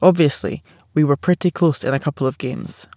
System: none